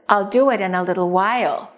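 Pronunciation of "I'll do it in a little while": The stress falls on 'do' and on 'while'.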